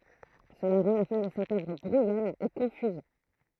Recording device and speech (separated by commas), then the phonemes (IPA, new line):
throat microphone, read sentence
səla ʁɑ̃ la fɛ̃ də sɛt œvʁ bʁujɔn e kɔ̃fyz